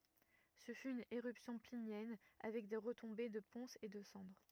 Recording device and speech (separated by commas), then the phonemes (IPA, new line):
rigid in-ear microphone, read sentence
sə fy yn eʁypsjɔ̃ plinjɛn avɛk de ʁətɔ̃be də pɔ̃sz e də sɑ̃dʁ